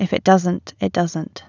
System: none